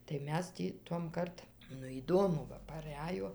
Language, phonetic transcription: Lithuanian, tai ˈmes tį ˈtuomˈkart ˈnu įˈdomu ˈva paˈræjo

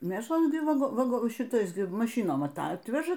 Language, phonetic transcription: Lithuanian, ˈmėšla ˈgi ˈva vaˈgo šiˈtais ˈgi maˈšynom ˈatatveža

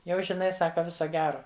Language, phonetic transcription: Lithuanian, ˈjau žiˈnai ˈsaka ˈviso ˈgero

